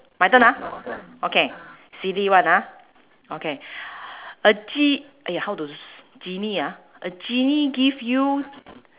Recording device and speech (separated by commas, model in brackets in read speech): telephone, conversation in separate rooms